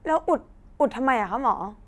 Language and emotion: Thai, frustrated